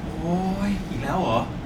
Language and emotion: Thai, frustrated